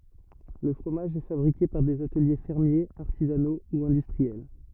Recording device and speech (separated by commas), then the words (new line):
rigid in-ear microphone, read sentence
Le fromage est fabriqué par des ateliers fermiers, artisanaux ou industriels.